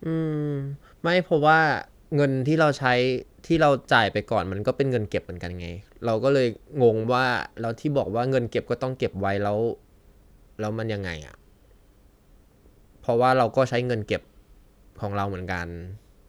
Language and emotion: Thai, neutral